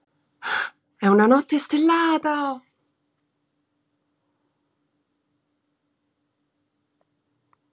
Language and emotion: Italian, surprised